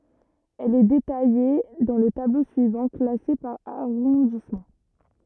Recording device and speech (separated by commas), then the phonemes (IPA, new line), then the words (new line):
rigid in-ear microphone, read sentence
ɛl ɛ detaje dɑ̃ lə tablo syivɑ̃ klase paʁ aʁɔ̃dismɑ̃
Elle est détaillée dans le tableau suivant, classée par arrondissement.